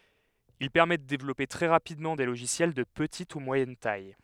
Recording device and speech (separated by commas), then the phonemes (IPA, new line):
headset microphone, read sentence
il pɛʁmɛ də devlɔpe tʁɛ ʁapidmɑ̃ de loʒisjɛl də pətit u mwajɛn taj